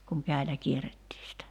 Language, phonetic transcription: Finnish, kuŋ 'kä̀i̬lä 'kierettii sitä .
- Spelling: kun käsillä kierrettiin sitä

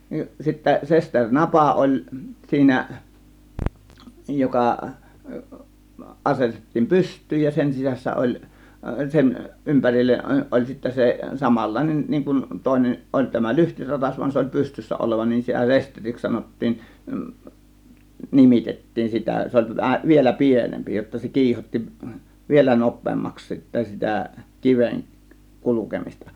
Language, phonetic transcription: Finnish, nin sittä 'sesteŕ "napa 'oĺ siinä , 'joka , 'ˀasetettiim "pyst̆tyyj ja 'sen 'sisässä ˀoĺ , 'sen , 'ˀympärillen ˀoĺ sittä 'se , 'samal̀làėnen niiŋ kun 'tòėnen , 'ˀoĺ tämä "lyhtiratas vuan 'se oĺ 'pystyssä 'olova nin sitä "sesteriks 'sanottiin , "nimitettiin 'sitä , 'se oĺ tu- vähä , 'vielä "pienempi jotta se 'kiihot́ti , 'vielä "nop̆peemmaks sittä sitä , 'kiven , 'kulukemista .
- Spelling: niin sitten sesteri napa oli siinä joka asetettiin pystyyn ja sen sisässä oli sen ympärille oli sitten se samanlainen niin kun toinen oli tämä lyhtiratas vaan se oli pystyssä oleva niin sitä sesteriksi sanottiin nimitettiin sitä se oli - vähän vielä pienempi jotta se kiihotti vielä nopeammaksi sitten sitä kiven kulkemista

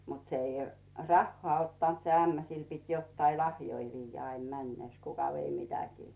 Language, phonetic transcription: Finnish, mut 'se ‿i , "rahhoà 'ottant se 'ämmä 'sil pit jottai "lahjoi 'viijjä aim 'männès , kuka vei mitäkii .
- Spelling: mutta se ei rahaa ottanut se ämmä sille piti jotakin lahjoja viedä aina mennessään kuka vei mitäkin

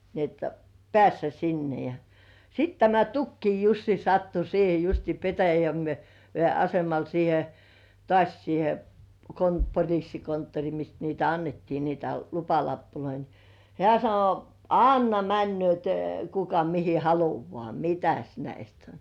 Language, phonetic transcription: Finnish, ni ‿et , "pĕä̀ssä 'sinne ja , ja 'sit tämä "Tukkii 'Jussi sattu 'siihe justii 'Petäjä- , -Vĭè asemal siihe , 'tŏàś siihe , "kon- "poĺissi- "konttori mist niitä "annettii niitä 'lupalappuloi ni , hĕä̀ sano , » "anna männy̆ö̀t , kuka mihi 'haluvŏà "mitäs 'näist ‿oⁿ . «
- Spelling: niin että päästä sinne ja ja sitten tämä Tukian Jussi sattui siihen justiin - Petäjäveden asemalle siihen taas siihen - - poliisikonttori mistä niitä annettiin niitä lupalappuja niin hän sanoi anna menevät kuka mihin haluaa mitäs näistä on

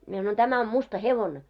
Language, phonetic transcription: Finnish, mie sanoin » 'tämä om 'musta "hevone « .
- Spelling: minä sanoin tämä on musta hevonen

